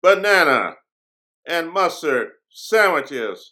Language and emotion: English, disgusted